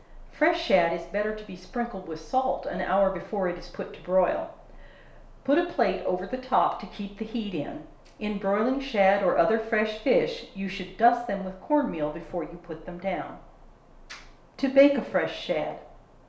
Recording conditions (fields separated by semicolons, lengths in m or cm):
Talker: one person; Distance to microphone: 1.0 m; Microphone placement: close; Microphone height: 1.1 m; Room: small (3.7 m by 2.7 m); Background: none